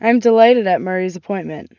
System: none